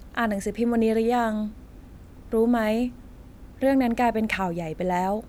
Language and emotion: Thai, neutral